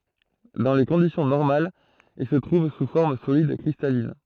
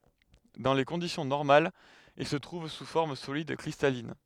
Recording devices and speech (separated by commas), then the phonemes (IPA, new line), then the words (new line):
throat microphone, headset microphone, read sentence
dɑ̃ le kɔ̃disjɔ̃ nɔʁmalz il sə tʁuv su fɔʁm solid kʁistalin
Dans les conditions normales, il se trouve sous forme solide cristalline.